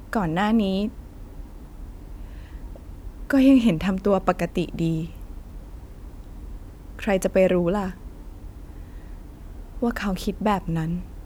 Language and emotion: Thai, sad